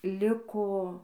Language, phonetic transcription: Lithuanian, ˈliko

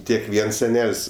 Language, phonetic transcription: Lithuanian, ˈtiek ˈviens seˈnel's'

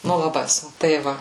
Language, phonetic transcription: Lithuanian, ˈnu laˈbai ˈsun tai ˈva

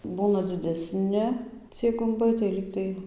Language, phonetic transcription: Lithuanian, ˈbūna dzideˈsni ˈciej gumˈbai tai ˈlygtai

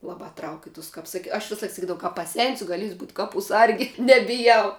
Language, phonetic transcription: Lithuanian, ˈlabā trauk' i tus ˈkaps ˈsak aš ˈvisalaik saˈkydavau ka paˈsensiu gaˈlėsiu būt' ˈkapų ˈsargi nebiˈjau

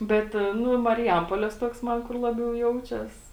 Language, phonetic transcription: Lithuanian, ˈbet ˈnu mariˈjampolės ˈtuoks ˈman kur ˈlabiau ˈjaučias

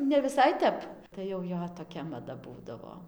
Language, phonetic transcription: Lithuanian, neviˈsai ˈtep tai jau ˈjo toˈkia maˈda ˈbūdavo

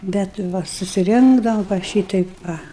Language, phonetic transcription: Lithuanian, bet ˈva susiˈrinkdavam va ˈšyteip ˈva

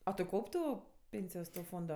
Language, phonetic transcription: Lithuanian, a tu ˈkaup' ˈtų ˈpėnsijos to ˈfondo

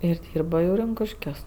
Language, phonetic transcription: Lithuanian, ir ˈdyrba jau ˈrinkuškiuos

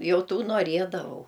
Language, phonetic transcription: Lithuanian, ˈjau ˈtų noˈriedavau

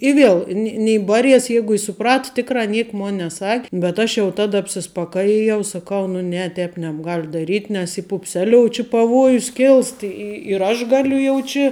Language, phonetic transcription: Lithuanian, i ˈviel ni ni ˈbaˌries ˈjeigu i suˈprat ˈtikrā ˈniek ˈmon neˈsak' bet ˈaš jau ˈtada apsispaˈkajijau saˈkau nu ˈne ˈtēp nebˈgal' daˈryt' nes y pupˈseliou či paˈvuojus ˈkilst ˈi i ir ˈaš ˈgaliu jau ˈči

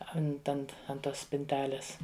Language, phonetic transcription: Lithuanian, ˈant ˈant an ˈtos spinˈtelės

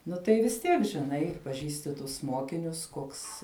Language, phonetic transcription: Lithuanian, ˈnu tai vis ˈtiek žiˈnai paˈžįsti tus ˈmokinius ˈkoks

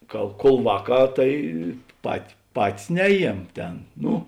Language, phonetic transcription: Lithuanian, ˈka kuol ˈvāˌkā ˈtai pat ˈpatis ˈneˌjiem ˈtėn ˈnu

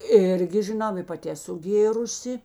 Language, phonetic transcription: Lithuanian, ˈirgi žiˈnau i paˈti eˈsu ˈgėrusi

